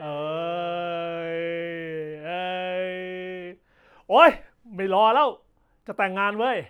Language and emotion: Thai, happy